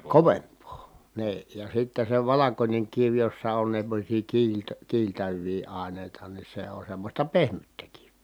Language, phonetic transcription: Finnish, kovemp̆poo , nii , ja sitte se valakońeŋ kiv jossa on semmosii kiilt- , kiiltäv̆vii àenèi̮ta ni se on semmosta pehmyttä kiv(vii) .
- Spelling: kovempaa niin ja sitten se valkoinen kivi jossa on semmoisia - kiiltäviä aineita niin se on semmoista pehmyttä kiveä

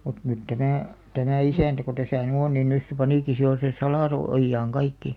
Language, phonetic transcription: Finnish, mut nyt 'tämä̀ , tämä̀ "isä̀ntä ko 'täsä̀ ny 'on nin 'nys se 'panìki si jo se "salàso- , -ojjaaŋ 'kaikki .
- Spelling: mutta nyt tämä tämä isäntä kun tässä nyt on niin nyt se panikin sitten jo sen - salaojaan kaikki

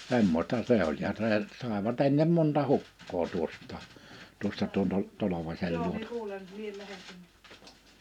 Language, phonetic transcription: Finnish, '(s)emmośta 'se ‿oĺ ja see , 'sàeva't ‿ennem 'monta "hukkoo 'tuost̆taa , 'tuosta tuon to- , 'Tolovaśel 'luontᴀ .
- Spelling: semmoista se oli ja se saivat ennen monta hukkaa tuosta tuosta tuon - Tolvasen luota

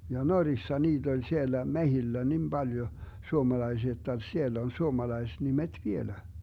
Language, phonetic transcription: Finnish, ja "Norissa 'niit ‿oĺ 'siellä 'mehillä 'nim 'Baljo , 'suomalaisia jotta 'siell ‿on 'suomalais'nimet "vielä .
- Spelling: ja Norjassa niitä oli siellä metsillä niin paljon suomalaisia jotta siellä on suomalaisnimet vielä

